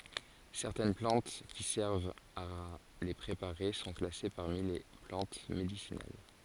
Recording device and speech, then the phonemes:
forehead accelerometer, read sentence
sɛʁtɛn plɑ̃t ki sɛʁvt a le pʁepaʁe sɔ̃ klase paʁmi le plɑ̃t medisinal

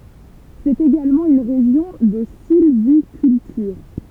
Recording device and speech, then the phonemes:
temple vibration pickup, read sentence
sɛt eɡalmɑ̃ yn ʁeʒjɔ̃ də silvikyltyʁ

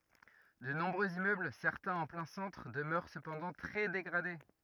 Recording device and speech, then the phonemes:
rigid in-ear microphone, read sentence
də nɔ̃bʁøz immøbl sɛʁtɛ̃z ɑ̃ plɛ̃ sɑ̃tʁ dəmœʁ səpɑ̃dɑ̃ tʁɛ deɡʁade

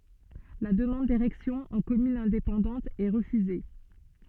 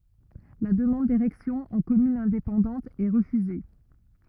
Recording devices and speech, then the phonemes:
soft in-ear microphone, rigid in-ear microphone, read sentence
la dəmɑ̃d deʁɛksjɔ̃ ɑ̃ kɔmyn ɛ̃depɑ̃dɑ̃t ɛ ʁəfyze

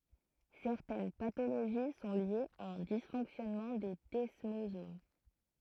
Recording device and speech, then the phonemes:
throat microphone, read sentence
sɛʁtɛn patoloʒi sɔ̃ ljez a œ̃ disfɔ̃ksjɔnmɑ̃ de dɛsmozom

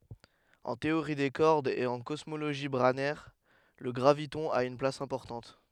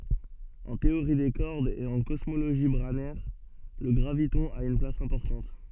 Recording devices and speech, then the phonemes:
headset microphone, soft in-ear microphone, read sentence
ɑ̃ teoʁi de kɔʁdz e ɑ̃ kɔsmoloʒi bʁanɛʁ lə ɡʁavitɔ̃ a yn plas ɛ̃pɔʁtɑ̃t

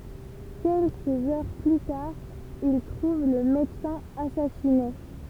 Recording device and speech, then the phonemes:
temple vibration pickup, read sentence
kɛlkəz œʁ ply taʁ il tʁuv lə medəsɛ̃ asasine

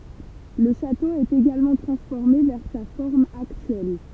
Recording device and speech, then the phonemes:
temple vibration pickup, read sentence
lə ʃato ɛt eɡalmɑ̃ tʁɑ̃sfɔʁme vɛʁ sa fɔʁm aktyɛl

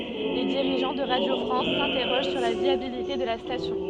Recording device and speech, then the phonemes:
soft in-ear microphone, read sentence
le diʁiʒɑ̃ də ʁadjo fʁɑ̃s sɛ̃tɛʁoʒ syʁ la vjabilite də la stasjɔ̃

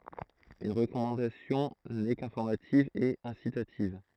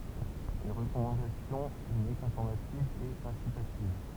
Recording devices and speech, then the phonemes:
throat microphone, temple vibration pickup, read sentence
yn ʁəkɔmɑ̃dasjɔ̃ nɛ kɛ̃fɔʁmativ e ɛ̃sitativ

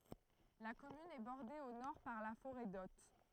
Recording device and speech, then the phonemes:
throat microphone, read sentence
la kɔmyn ɛ bɔʁde o nɔʁ paʁ la foʁɛ dɔt

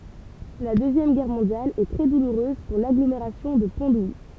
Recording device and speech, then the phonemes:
temple vibration pickup, read sentence
la døzjɛm ɡɛʁ mɔ̃djal ɛ tʁɛ duluʁøz puʁ laɡlomeʁasjɔ̃ də pɔ̃ duji

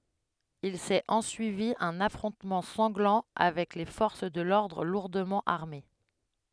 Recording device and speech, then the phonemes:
headset microphone, read sentence
il sɛt ɑ̃syivi œ̃n afʁɔ̃tmɑ̃ sɑ̃ɡlɑ̃ avɛk le fɔʁs də lɔʁdʁ luʁdəmɑ̃ aʁme

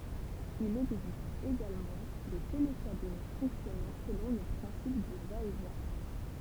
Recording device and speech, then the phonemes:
temple vibration pickup, read sentence
il ɛɡzist eɡalmɑ̃ de telekabin fɔ̃ksjɔnɑ̃ səlɔ̃ lə pʁɛ̃sip dy vaɛtvjɛ̃

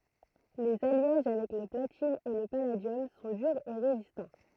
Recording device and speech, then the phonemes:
throat microphone, read sentence
lez aljaʒ avɛk lə platin e lə paladjɔm sɔ̃ dyʁz e ʁezistɑ̃

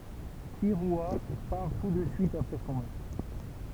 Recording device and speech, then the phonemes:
temple vibration pickup, read sentence
kiʁya paʁ tu də syit apʁɛ sɔ̃ mœʁtʁ

